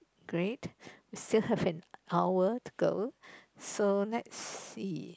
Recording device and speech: close-talking microphone, conversation in the same room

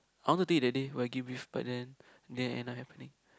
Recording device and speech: close-talking microphone, conversation in the same room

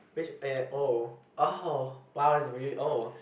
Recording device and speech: boundary microphone, conversation in the same room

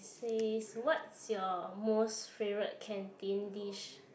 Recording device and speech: boundary microphone, conversation in the same room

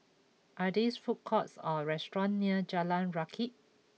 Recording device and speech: mobile phone (iPhone 6), read sentence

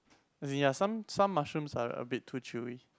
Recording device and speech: close-talking microphone, conversation in the same room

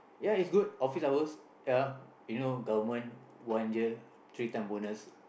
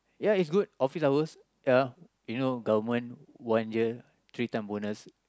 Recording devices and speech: boundary microphone, close-talking microphone, conversation in the same room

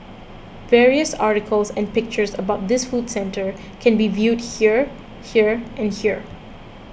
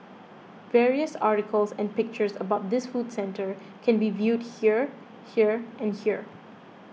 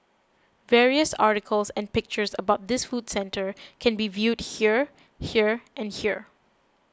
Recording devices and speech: boundary microphone (BM630), mobile phone (iPhone 6), close-talking microphone (WH20), read sentence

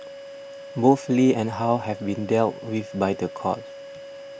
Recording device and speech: boundary microphone (BM630), read sentence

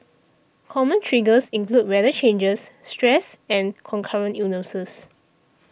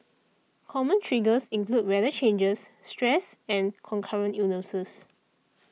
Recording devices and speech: boundary microphone (BM630), mobile phone (iPhone 6), read sentence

